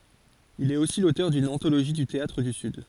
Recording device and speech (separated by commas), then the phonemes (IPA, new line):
forehead accelerometer, read sentence
il ɛt osi lotœʁ dyn ɑ̃toloʒi dy teatʁ dy syd